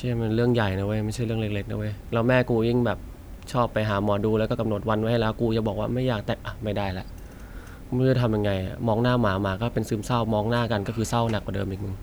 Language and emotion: Thai, frustrated